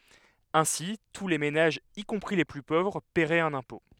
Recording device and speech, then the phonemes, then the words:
headset microphone, read sentence
ɛ̃si tu le menaʒz i kɔ̃pʁi le ply povʁ pɛʁɛt œ̃n ɛ̃pɔ̃
Ainsi, tous les ménages, y compris les plus pauvres, paieraient un impôt.

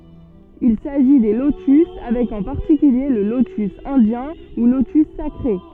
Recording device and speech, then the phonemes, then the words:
soft in-ear microphone, read sentence
il saʒi de lotys avɛk ɑ̃ paʁtikylje lə lotys ɛ̃djɛ̃ u lotys sakʁe
Il s'agit des lotus avec en particulier le lotus indien ou lotus sacré.

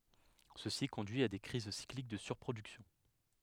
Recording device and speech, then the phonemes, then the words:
headset microphone, read sentence
səsi kɔ̃dyi a de kʁiz siklik də syʁpʁodyksjɔ̃
Ceci conduit à des crises cycliques de surproduction.

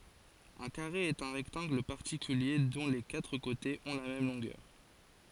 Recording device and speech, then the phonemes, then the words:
forehead accelerometer, read sentence
œ̃ kaʁe ɛt œ̃ ʁɛktɑ̃ɡl paʁtikylje dɔ̃ le katʁ kotez ɔ̃ la mɛm lɔ̃ɡœʁ
Un carré est un rectangle particulier dont les quatre côtés ont la même longueur.

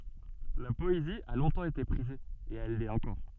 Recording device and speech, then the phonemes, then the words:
soft in-ear microphone, read sentence
la pɔezi a lɔ̃tɑ̃ ete pʁize e ɛl lɛt ɑ̃kɔʁ
La poésie a longtemps été prisée, et elle l'est encore.

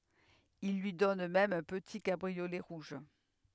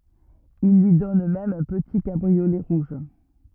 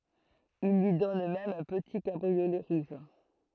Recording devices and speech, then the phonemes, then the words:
headset microphone, rigid in-ear microphone, throat microphone, read sentence
il lyi dɔn mɛm œ̃ pəti kabʁiolɛ ʁuʒ
Il lui donne même un petit cabriolet rouge.

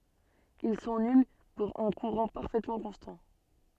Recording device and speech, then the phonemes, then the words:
soft in-ear microphone, read sentence
il sɔ̃ nyl puʁ œ̃ kuʁɑ̃ paʁfɛtmɑ̃ kɔ̃stɑ̃
Ils sont nuls pour un courant parfaitement constant.

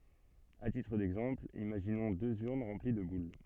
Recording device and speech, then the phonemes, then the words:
soft in-ear microphone, read sentence
a titʁ dɛɡzɑ̃pl imaʒinɔ̃ døz yʁn ʁɑ̃pli də bul
À titre d’exemple, imaginons deux urnes remplies de boules.

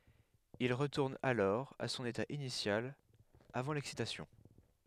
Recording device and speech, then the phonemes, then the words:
headset microphone, read sentence
il ʁətuʁn alɔʁ a sɔ̃n eta inisjal avɑ̃ lɛksitasjɔ̃
Il retourne alors à son état initial avant l'excitation.

